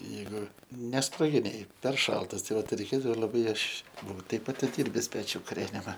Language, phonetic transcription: Lithuanian, ˈjeigu ˈnesproginėj per ˈšaltas ˈtai ˈvat reiˈkėdavo laˈbai ˈaš ˈbuau ˈteip atiˈdyrbisˈpečiu kuˈrenima

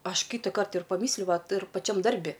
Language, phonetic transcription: Lithuanian, ˈaš ˈkytakart ir paˈmysliu ˈvat ir paˈčiam ˈdarbi

